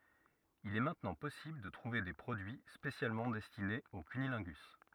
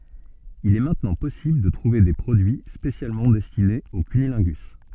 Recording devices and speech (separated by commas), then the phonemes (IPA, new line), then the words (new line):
rigid in-ear microphone, soft in-ear microphone, read sentence
il ɛ mɛ̃tnɑ̃ pɔsibl də tʁuve de pʁodyi spesjalmɑ̃ dɛstinez o kynilɛ̃ɡys
Il est maintenant possible de trouver des produits spécialement destinés au cunnilingus.